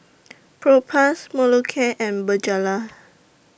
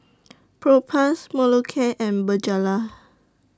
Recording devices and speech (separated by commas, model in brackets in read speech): boundary microphone (BM630), standing microphone (AKG C214), read sentence